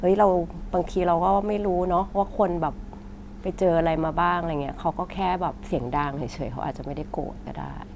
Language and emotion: Thai, neutral